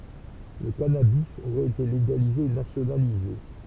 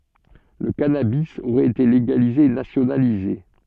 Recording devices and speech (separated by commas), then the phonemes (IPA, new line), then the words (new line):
temple vibration pickup, soft in-ear microphone, read sentence
lə kanabi oʁɛt ete leɡalize e nasjonalize
Le cannabis aurait été légalisé et nationalisé.